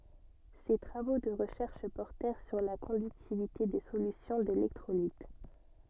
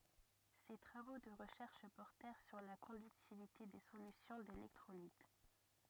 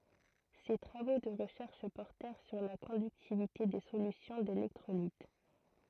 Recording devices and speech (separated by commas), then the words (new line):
soft in-ear microphone, rigid in-ear microphone, throat microphone, read sentence
Ses travaux de recherche portèrent sur la conductivité des solutions d’électrolytes.